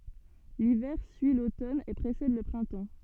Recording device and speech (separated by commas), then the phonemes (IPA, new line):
soft in-ear microphone, read sentence
livɛʁ syi lotɔn e pʁesɛd lə pʁɛ̃tɑ̃